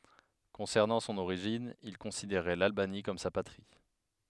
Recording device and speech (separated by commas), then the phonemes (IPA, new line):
headset microphone, read sentence
kɔ̃sɛʁnɑ̃ sɔ̃n oʁiʒin il kɔ̃sideʁɛ lalbani kɔm sa patʁi